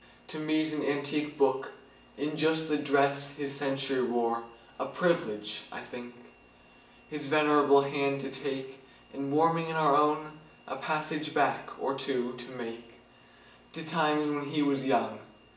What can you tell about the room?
A spacious room.